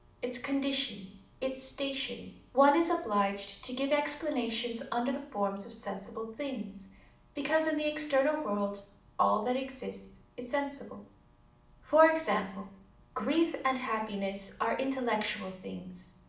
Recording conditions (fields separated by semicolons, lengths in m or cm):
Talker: one person; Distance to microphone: 2.0 m; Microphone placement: close; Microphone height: 99 cm; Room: medium-sized (5.7 m by 4.0 m); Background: none